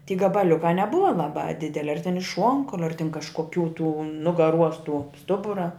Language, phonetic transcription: Lithuanian, ty gabaˈliukā neˈbuva laˈbā ˈdideli ar tin iš ˈšuonkauliu ar tin kažkoˈkių tų nugaˈruos tuo ˈstubura

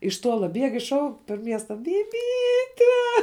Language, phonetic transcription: Lithuanian, iš ˈtuola ˈbieg iš ˈšauk per ˈmiesta biˈbyte

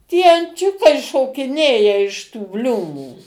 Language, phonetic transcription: Lithuanian, tie anˈčiukai šokiˈnėja iš tų ˈbliūmų

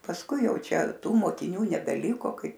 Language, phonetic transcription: Lithuanian, pasˈkui ˈjau ˈčia ˈtų mokiˈnių nebeˈliko ˈkai

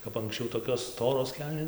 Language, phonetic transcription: Lithuanian, kap anksˈčiau tokios ˈstoros ˈkelnė

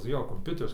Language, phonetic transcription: Lithuanian, ˈjo komˈpiuteris

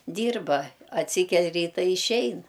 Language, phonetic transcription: Lithuanian, ˈdyrba atˈsykel' ˈryta i išˈein

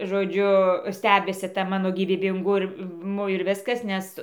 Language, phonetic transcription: Lithuanian, žoˈdžiu ˈstebisi ˈta ˈmano gyvybinguˈmu ir ˈviskas ˈnes

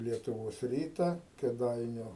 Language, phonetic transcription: Lithuanian, lietuˈvos ˈryta kėˈdainiu

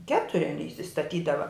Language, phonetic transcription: Lithuanian, ˈketuri aˈny isistaˈtydava

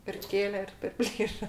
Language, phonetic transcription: Lithuanian, ir ˈkėle ir perˈplyša

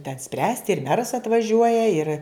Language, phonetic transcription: Lithuanian, ten ˈspręsti ir ˈmeras atvaˈžiuoja ir

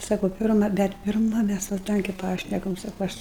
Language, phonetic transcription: Lithuanian, ˈsaku ˈpirma ˈbet pirˈma ˈmæs va ˈtankė ˈpašnekam ˈsaku ˈaš

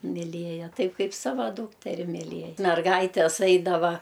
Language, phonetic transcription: Lithuanian, miˈlėja ˈtaip ˈkaip ˈsava ˈdūkteri myˈlėj merˈgaites ˈaidava

